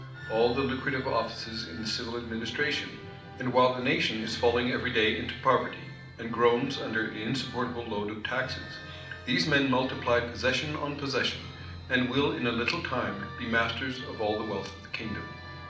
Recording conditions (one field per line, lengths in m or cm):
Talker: one person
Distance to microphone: 2.0 m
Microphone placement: close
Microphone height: 99 cm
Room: medium-sized (5.7 m by 4.0 m)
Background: music